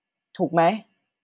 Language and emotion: Thai, neutral